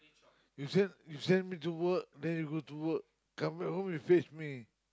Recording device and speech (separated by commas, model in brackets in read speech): close-talking microphone, conversation in the same room